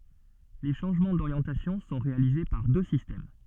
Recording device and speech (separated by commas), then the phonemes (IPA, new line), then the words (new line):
soft in-ear microphone, read sentence
le ʃɑ̃ʒmɑ̃ doʁjɑ̃tasjɔ̃ sɔ̃ ʁealize paʁ dø sistɛm
Les changements d'orientation sont réalisés par deux systèmes.